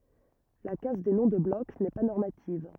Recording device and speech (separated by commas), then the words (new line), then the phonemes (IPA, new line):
rigid in-ear microphone, read sentence
La casse des noms de bloc n'est pas normative.
la kas de nɔ̃ də blɔk nɛ pa nɔʁmativ